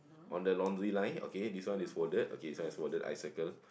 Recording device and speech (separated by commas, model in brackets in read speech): boundary microphone, conversation in the same room